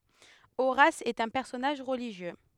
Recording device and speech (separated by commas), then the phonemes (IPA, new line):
headset microphone, read sentence
oʁas ɛt œ̃ pɛʁsɔnaʒ ʁəliʒjø